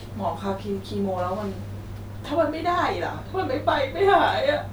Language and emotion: Thai, sad